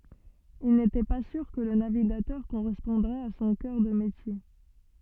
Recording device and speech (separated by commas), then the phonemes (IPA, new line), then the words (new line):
soft in-ear microphone, read sentence
il netɛ pa syʁ kə lə naviɡatœʁ koʁɛspɔ̃dʁɛt a sɔ̃ kœʁ də metje
Il n'était pas sûr que le navigateur correspondrait à son cœur de métier.